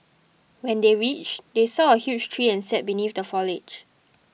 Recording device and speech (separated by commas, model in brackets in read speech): mobile phone (iPhone 6), read sentence